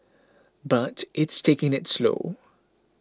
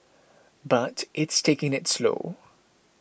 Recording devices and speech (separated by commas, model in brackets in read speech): close-talking microphone (WH20), boundary microphone (BM630), read sentence